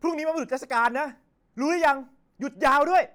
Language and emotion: Thai, angry